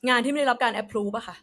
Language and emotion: Thai, frustrated